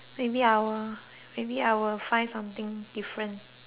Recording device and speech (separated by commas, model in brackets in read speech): telephone, conversation in separate rooms